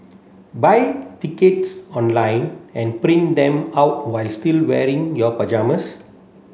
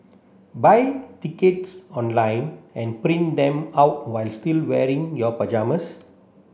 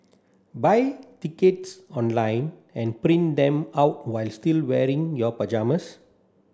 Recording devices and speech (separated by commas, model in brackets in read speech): mobile phone (Samsung C7), boundary microphone (BM630), standing microphone (AKG C214), read sentence